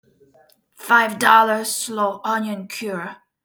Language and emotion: English, angry